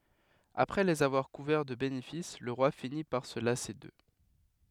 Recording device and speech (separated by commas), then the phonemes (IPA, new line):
headset microphone, read sentence
apʁɛ lez avwaʁ kuvɛʁ də benefis lə ʁwa fini paʁ sə lase dø